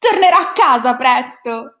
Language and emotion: Italian, happy